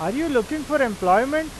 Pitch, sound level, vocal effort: 290 Hz, 95 dB SPL, loud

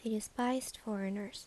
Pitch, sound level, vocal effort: 215 Hz, 76 dB SPL, soft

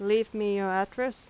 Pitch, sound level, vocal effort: 210 Hz, 88 dB SPL, loud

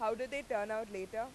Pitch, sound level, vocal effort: 220 Hz, 96 dB SPL, very loud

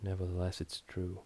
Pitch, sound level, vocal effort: 90 Hz, 72 dB SPL, soft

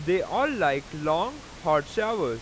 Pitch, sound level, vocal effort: 160 Hz, 96 dB SPL, very loud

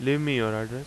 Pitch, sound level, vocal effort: 125 Hz, 87 dB SPL, normal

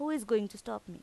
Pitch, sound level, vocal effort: 225 Hz, 87 dB SPL, normal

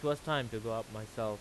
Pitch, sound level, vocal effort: 115 Hz, 90 dB SPL, loud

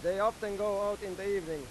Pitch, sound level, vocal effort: 200 Hz, 100 dB SPL, loud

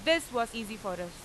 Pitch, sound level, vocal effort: 225 Hz, 94 dB SPL, very loud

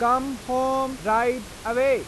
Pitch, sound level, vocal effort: 250 Hz, 96 dB SPL, loud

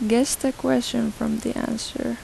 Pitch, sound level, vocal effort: 240 Hz, 81 dB SPL, soft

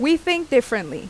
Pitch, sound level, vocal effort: 270 Hz, 88 dB SPL, very loud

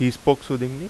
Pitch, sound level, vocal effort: 135 Hz, 86 dB SPL, loud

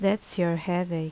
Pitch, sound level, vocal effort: 180 Hz, 78 dB SPL, normal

